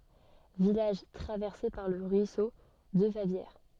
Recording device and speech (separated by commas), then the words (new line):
soft in-ear microphone, read sentence
Village traversé par le ruisseau de Favières.